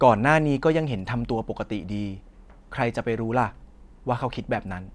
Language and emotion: Thai, neutral